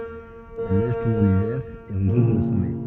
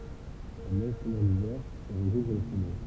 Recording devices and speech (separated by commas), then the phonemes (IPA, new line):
soft in-ear microphone, temple vibration pickup, read sentence
la nɛʒ tɔ̃b ɑ̃n ivɛʁ e ʁəkuvʁ lə sɔmɛ